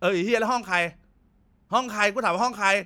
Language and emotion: Thai, angry